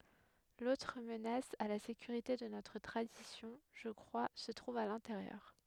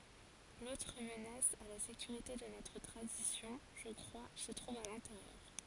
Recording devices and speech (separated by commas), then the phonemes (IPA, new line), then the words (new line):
headset microphone, forehead accelerometer, read sentence
lotʁ mənas a la sekyʁite də notʁ tʁadisjɔ̃ ʒə kʁwa sə tʁuv a lɛ̃teʁjœʁ
L'autre menace à la sécurité de notre tradition, je crois, se trouve à l'intérieur.